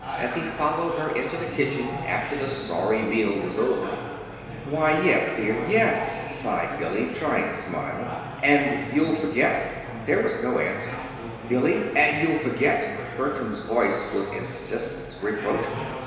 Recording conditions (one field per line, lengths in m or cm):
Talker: one person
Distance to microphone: 1.7 m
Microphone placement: close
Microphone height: 1.0 m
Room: very reverberant, large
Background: babble